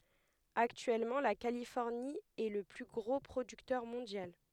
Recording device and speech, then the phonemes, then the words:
headset microphone, read sentence
aktyɛlmɑ̃ la kalifɔʁni ɛ lə ply ɡʁo pʁodyktœʁ mɔ̃djal
Actuellement la Californie est le plus gros producteur mondial.

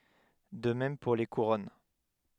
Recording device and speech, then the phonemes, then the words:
headset microphone, read sentence
də mɛm puʁ le kuʁɔn
De même pour les couronnes.

